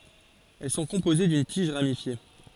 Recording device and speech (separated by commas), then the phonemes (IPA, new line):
forehead accelerometer, read sentence
ɛl sɔ̃ kɔ̃poze dyn tiʒ ʁamifje